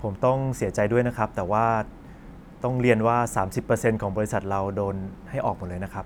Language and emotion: Thai, neutral